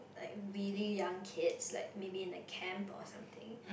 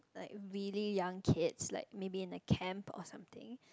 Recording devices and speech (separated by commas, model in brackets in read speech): boundary microphone, close-talking microphone, conversation in the same room